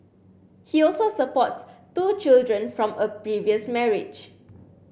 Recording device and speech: boundary microphone (BM630), read sentence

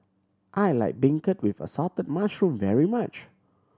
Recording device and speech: standing microphone (AKG C214), read sentence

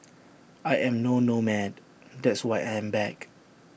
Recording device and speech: boundary microphone (BM630), read sentence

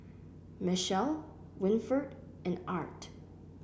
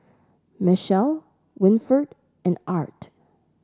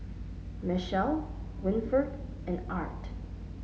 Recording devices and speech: boundary microphone (BM630), standing microphone (AKG C214), mobile phone (Samsung S8), read sentence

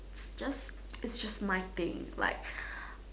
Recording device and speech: standing microphone, conversation in separate rooms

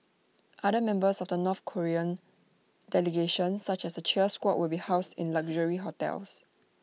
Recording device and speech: mobile phone (iPhone 6), read sentence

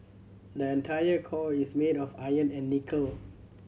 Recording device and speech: mobile phone (Samsung C7100), read sentence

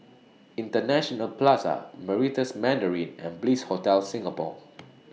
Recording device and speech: mobile phone (iPhone 6), read sentence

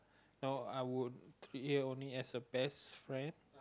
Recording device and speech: close-talking microphone, conversation in the same room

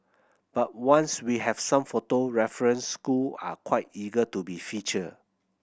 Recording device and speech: boundary microphone (BM630), read sentence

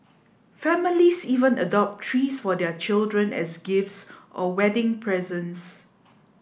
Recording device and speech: boundary microphone (BM630), read sentence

